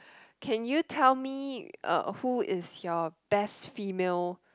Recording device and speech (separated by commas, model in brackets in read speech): close-talking microphone, conversation in the same room